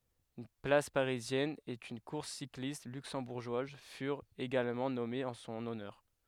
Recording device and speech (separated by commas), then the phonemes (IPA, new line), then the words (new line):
headset microphone, read sentence
yn plas paʁizjɛn e yn kuʁs siklist lyksɑ̃buʁʒwaz fyʁt eɡalmɑ̃ nɔmez ɑ̃ sɔ̃n ɔnœʁ
Une place parisienne et une course cycliste luxembourgeoise furent également nommées en son honneur.